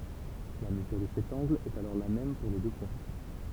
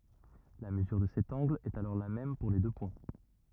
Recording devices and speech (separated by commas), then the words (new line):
temple vibration pickup, rigid in-ear microphone, read sentence
La mesure de cet angle est alors la même pour les deux points.